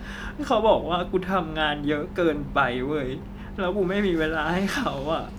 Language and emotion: Thai, sad